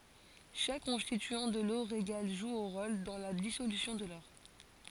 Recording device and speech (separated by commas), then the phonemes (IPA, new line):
forehead accelerometer, read sentence
ʃak kɔ̃stityɑ̃ də lo ʁeɡal ʒu œ̃ ʁol dɑ̃ la disolysjɔ̃ də lɔʁ